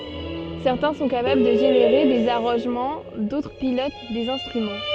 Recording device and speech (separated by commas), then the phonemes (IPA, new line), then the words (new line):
soft in-ear microphone, read sentence
sɛʁtɛ̃ sɔ̃ kapabl də ʒeneʁe dez aʁɑ̃ʒmɑ̃ dotʁ pilot dez ɛ̃stʁymɑ̃
Certains sont capables de générer des arrangements, d'autres pilotent des instruments.